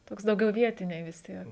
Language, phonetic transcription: Lithuanian, ˈtoks dauˈgiau ˈvietiniai vis ˈtiek

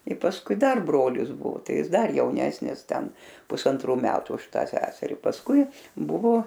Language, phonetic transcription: Lithuanian, i pasˈkui ˈdar ˈbrolis ˈbuvo ˈtai ˈjis ˈdar jauˈnesnis ˈten pusanˈtrų ˈmetu už ˈtą ˈseseri pasˈkui ˈbuvo

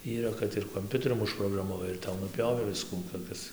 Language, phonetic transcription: Lithuanian, yˈra kad ir komˈpiuterium užprogramaˈvai ir ˈtau nuˈpjovė ˈviskų toˈkis

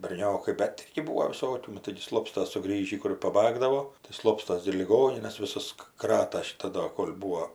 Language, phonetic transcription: Lithuanian, berˈniokai bet ˈirgi ˈbūo viˈsokių ˈnu taigi ˈslopstas suˈgrįžį kuˈrė paˈbagdavo tai ˈslopstas gi ir liˈgoninas viˈsas ˈkrata šiˈta ˈdo ˈkol' ˈbūo

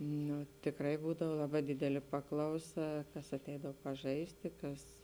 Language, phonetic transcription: Lithuanian, ˈnu tikˈrai ˈbūdav ˈlaˌbā ˈdidelė ˈpaklauˌsa ˈkas aˈteidav paˈžaisti ˈkas

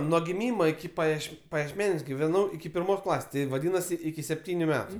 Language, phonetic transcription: Lithuanian, nuo giˈmymo iki paˈjieš pajiešˈmeniuos giveˈnau iki pirˈmos ˈklasės ˈti vaˈdynasi iki sepˈtyniu ˈmetu

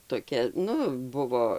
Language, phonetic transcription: Lithuanian, toˈkia ˈnu ˈbuvo

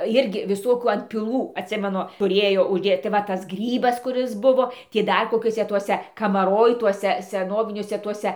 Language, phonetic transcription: Lithuanian, ˈjirgi viˈsokių antpiˈlų atˈsimenu tuˈrėjo užˈdėt tai ˈva ˈtas ˈgrybas kuˈris ˈbuvo ˈtį ˈdar koˈkiuose ˈtuose kamaˈroj ˈtuose seˈnoviniuose ˈtuose

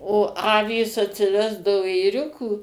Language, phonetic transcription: Lithuanian, o ˈavys atsiˈvesdavo ėˈriukų

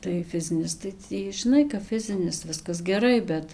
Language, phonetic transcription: Lithuanian, tai ˈfizinis tai ˈtį žiˈnai kap ˈfizinis ˈviskas geˈrai ˈbet

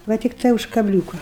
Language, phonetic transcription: Lithuanian, va tikˈtai už kaˈbliūka

